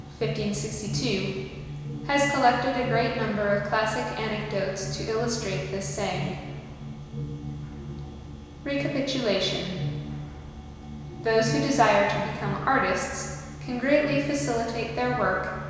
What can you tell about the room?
A very reverberant large room.